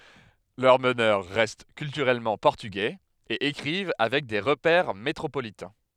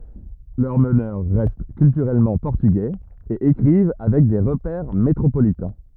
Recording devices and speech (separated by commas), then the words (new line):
headset microphone, rigid in-ear microphone, read sentence
Leurs meneurs restent culturellement portugais, et écrivent avec des repères métropolitains.